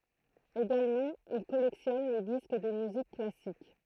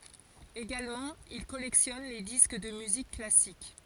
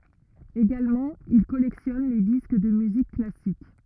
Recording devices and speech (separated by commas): throat microphone, forehead accelerometer, rigid in-ear microphone, read sentence